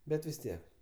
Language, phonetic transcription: Lithuanian, ˈbet vis ˈtiek

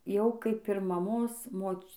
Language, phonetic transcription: Lithuanian, ˈjau ˈkaip ir mamos ˈmoč

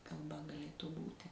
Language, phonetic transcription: Lithuanian, kalˈba gaˈlėtų ˈbūti

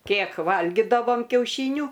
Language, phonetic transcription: Lithuanian, ˈkėk ˈvalgidavom kiauˈšynių

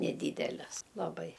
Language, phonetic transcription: Lithuanian, neˈdydeles laˈbai

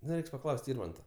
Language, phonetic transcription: Lithuanian, nu ˈreiks paˈklaus't' ˈirmanta

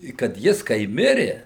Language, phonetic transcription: Lithuanian, i kad ˈjis kai ˈmiri

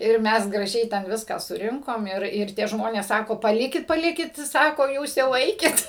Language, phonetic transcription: Lithuanian, ir ˈmes graˈžiai ten ˈviską suˈrinkom ˈir ir ˈtie ˈžmonės ˈsako paˈlikit paˈlikit ˈsako ˈjūs jau ˈeikit

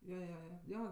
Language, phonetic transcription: Lithuanian, jo jo ˈjo ˈjo

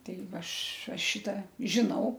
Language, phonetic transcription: Lithuanian, ˈtei ˈva ˈaš ˈaš ˈšita žiˈnau

